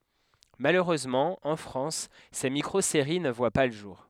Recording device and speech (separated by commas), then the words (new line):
headset microphone, read sentence
Malheureusement, en France, ces micro-séries ne voient pas le jour.